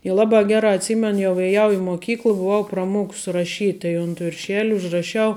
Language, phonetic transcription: Lithuanian, i ˈlabā ˈgerā atˈsymen jau eˈjau i moˈkykl buˈvau praˈmuoks raˈšyt' tai unt virˈšeliu užraˈšiau

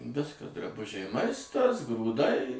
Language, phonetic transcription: Lithuanian, ˈviska draˈbužiai ˈmaistas grūˈdai

